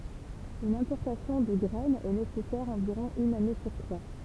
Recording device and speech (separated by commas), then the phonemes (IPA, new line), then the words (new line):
temple vibration pickup, read sentence
yn ɛ̃pɔʁtasjɔ̃ də ɡʁɛn ɛ nesɛsɛʁ ɑ̃viʁɔ̃ yn ane syʁ tʁwa
Une importation de graine est nécessaire environ une année sur trois.